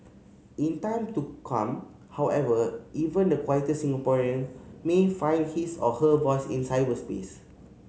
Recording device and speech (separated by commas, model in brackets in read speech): mobile phone (Samsung C5010), read sentence